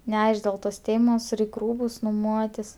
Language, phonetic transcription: Lithuanian, neˈaišk dėl ˈtos ˈtėmos ˈreik' ˈrūbus nuˈmuotis

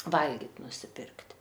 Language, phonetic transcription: Lithuanian, ˈvalgit nusiˈpirkt'

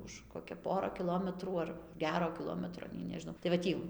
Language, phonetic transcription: Lithuanian, už kokia ˈpora kiˈlometrų ˈar ˈgero kiˈlometro nei nežiˈnau tai va ˈtį

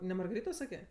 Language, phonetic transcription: Lithuanian, ne margaˈryto ˈsakė

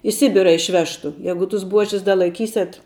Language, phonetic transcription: Lithuanian, i ˈsibira išˈvežtu ˈjagu tus ˈbuožis da laiˈkyset

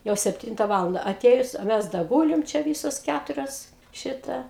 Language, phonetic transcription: Lithuanian, jau sepˈtynta ˈvalanda aˈtėjus a ˈmes da ˈgūlim čia ˈvysos ˈkæturios ˈšita

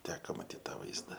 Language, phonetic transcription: Lithuanian, ˈteka maˈtyt taˈvaizda

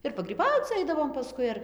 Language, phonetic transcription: Lithuanian, ir pagryˈbauc ˈaidavom paˈskui ar

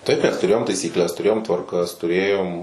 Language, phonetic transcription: Lithuanian, ˈtaip mes tuˈrėjom taisykˈles tuˈrėjom tvarˈkas tuˈrėjom

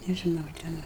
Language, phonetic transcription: Lithuanian, nežiˈnau ˈten

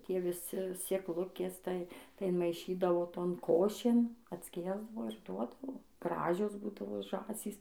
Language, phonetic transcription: Lithuanian, ˈtie viˈsi sėkˈlukės ˈtai tai inmaiˈšydavo ˈton ˈkošėn atˈskiesdavo ir ˈduodavo ˈgražios ˈbūdavo ˈžąsys

